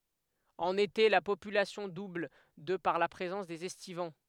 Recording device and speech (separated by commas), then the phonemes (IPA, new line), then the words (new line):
headset microphone, read sentence
ɑ̃n ete la popylasjɔ̃ dubl də paʁ la pʁezɑ̃s dez ɛstivɑ̃
En été, la population double de par la présence des estivants.